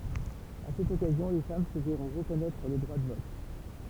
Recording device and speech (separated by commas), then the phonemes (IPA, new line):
temple vibration pickup, read sentence
a sɛt ɔkazjɔ̃ le fam sə vɛʁɔ̃ ʁəkɔnɛtʁ lə dʁwa də vɔt